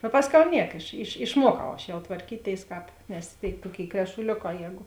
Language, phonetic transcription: Lithuanian, a ˈpasˌkiau ˈniek iš iš išˈmuokau aš jau tvarˈkyˌtėis ˈkāp nes tėi ˈtuoˌkėi krešuˈlioˌkā ˈjēgu

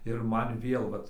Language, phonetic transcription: Lithuanian, ir ˈman ˈvėl ˈvat

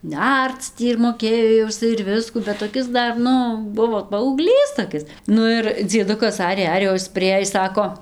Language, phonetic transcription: Lithuanian, ˈnerc tį ir moˈkėjo jau iˈsai ir ˈviskų bet toˈkis ˈdar ˈnu ˈbuvo paaugˈlys toˈkis ˈnu ir dzieˈdukas ˈarė ˈarė o ˈis priˈėjis ˈsako

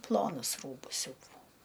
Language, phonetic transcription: Lithuanian, ˈplonus ˈrūbus ˈsiūdavau

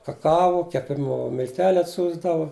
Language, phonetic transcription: Lithuanian, kaˈkavo keˈpimu milˈteliu atˈsiųsdavu

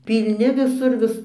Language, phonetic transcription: Lithuanian, pylˈni viˈsur ˈvis

